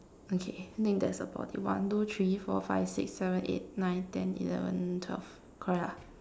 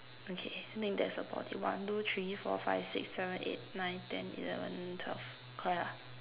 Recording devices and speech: standing microphone, telephone, conversation in separate rooms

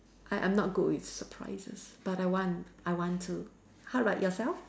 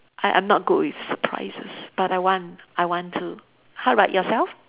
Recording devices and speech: standing microphone, telephone, conversation in separate rooms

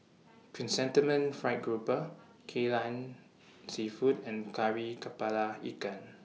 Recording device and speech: mobile phone (iPhone 6), read sentence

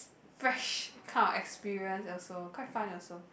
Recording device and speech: boundary microphone, conversation in the same room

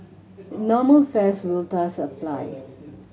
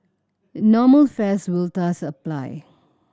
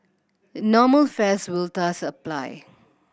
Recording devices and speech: mobile phone (Samsung C7100), standing microphone (AKG C214), boundary microphone (BM630), read sentence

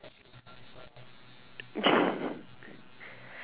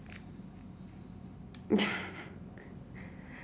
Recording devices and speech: telephone, standing microphone, conversation in separate rooms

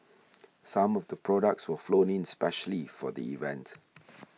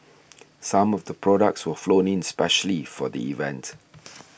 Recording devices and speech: mobile phone (iPhone 6), boundary microphone (BM630), read sentence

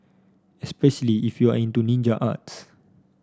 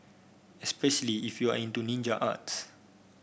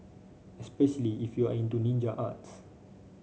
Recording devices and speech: standing microphone (AKG C214), boundary microphone (BM630), mobile phone (Samsung C5), read sentence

